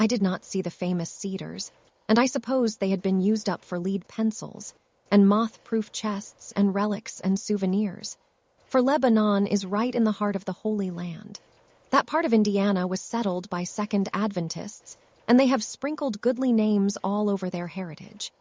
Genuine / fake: fake